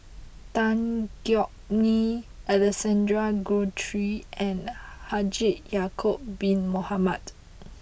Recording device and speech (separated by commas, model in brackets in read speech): boundary microphone (BM630), read sentence